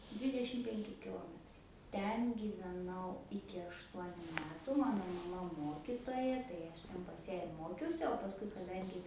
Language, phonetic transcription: Lithuanian, ˈdvydešim ˈpenki kiˈlometrai ˈten gyveˈnau iki ašˈtuoniu ˈmetu ˈmano maˈma ˈmokitoja tai aš ten pas ją ir ˈmokiausi o pasˈkui kaˈdangi

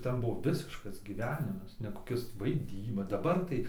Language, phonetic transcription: Lithuanian, ˈten ˈbuvo ˈvisiškas gyˈvenimas ne koˈkis vaiˈdyba daˈbar tai

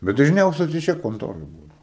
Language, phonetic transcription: Lithuanian, bet dažˈniausia tai ˈčia konˈtoroj ˈbūdau

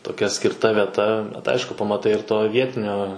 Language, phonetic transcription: Lithuanian, toˈkia skirˈta vieˈta bet ˈaišku pamaˈtai ir ˈto ˈvietinio

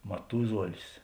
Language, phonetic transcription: Lithuanian, maˈtuzuolis

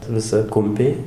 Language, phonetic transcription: Lithuanian, viˈsa ˈkumpiai

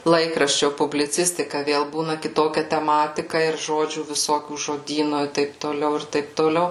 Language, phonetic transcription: Lithuanian, ˈlaikraščio publiˈcistika ˈvėl ˈbūna kiˈtokia teˈmatika ir ˈžodžių viˈsokių žoˈdyno i ˈtaip toˈliau ir ˈtaip toˈliau

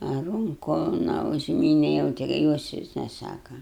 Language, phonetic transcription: Lithuanian, a ˈrunku na užˈmyne jau ˈti jos ˈvis neˈsaka

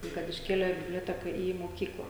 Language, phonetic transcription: Lithuanian, ˈtai kad išˈkėlė biblioˈteka į moˈkykla

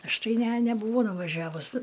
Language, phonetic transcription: Lithuanian, ˈaš ˈtai ˈne neˈbūvo nuvaˈžiavus

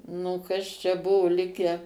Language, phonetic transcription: Lithuanian, ˈnu kas čia ˈbuvu ˈlikę

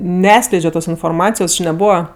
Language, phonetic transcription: Lithuanian, neˈatskleidžio ˈtos inforˈmacijos či neˈbūva

